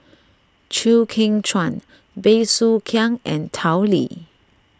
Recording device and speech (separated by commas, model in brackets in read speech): standing microphone (AKG C214), read sentence